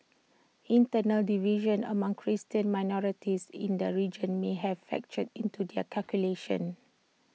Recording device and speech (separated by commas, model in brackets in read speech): mobile phone (iPhone 6), read sentence